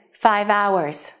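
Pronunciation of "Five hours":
In 'five hours', the h is silent, and the v of 'five' links straight into 'hours'.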